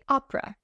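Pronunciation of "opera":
'Opera' is said in its reduced American English form, with the middle e sound dropped.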